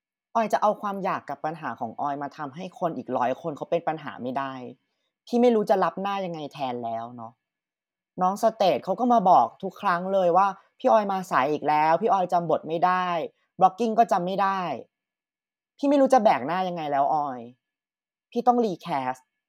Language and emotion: Thai, frustrated